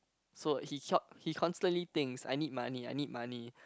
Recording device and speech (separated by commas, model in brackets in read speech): close-talking microphone, conversation in the same room